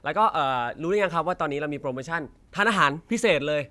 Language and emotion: Thai, happy